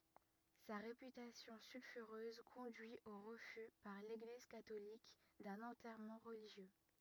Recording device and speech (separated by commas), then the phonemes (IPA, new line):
rigid in-ear microphone, read sentence
sa ʁepytasjɔ̃ sylfyʁøz kɔ̃dyi o ʁəfy paʁ leɡliz katolik dœ̃n ɑ̃tɛʁmɑ̃ ʁəliʒjø